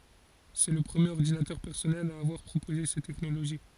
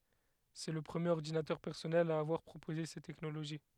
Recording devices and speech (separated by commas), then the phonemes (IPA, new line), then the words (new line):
forehead accelerometer, headset microphone, read sentence
sɛ lə pʁəmjeʁ ɔʁdinatœʁ pɛʁsɔnɛl a avwaʁ pʁopoze sɛt tɛknoloʒi
C'est le premier ordinateur personnel à avoir proposé cette technologie.